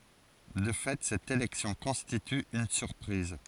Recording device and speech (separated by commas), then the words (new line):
forehead accelerometer, read sentence
De fait, cette élection constitue une surprise.